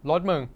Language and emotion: Thai, frustrated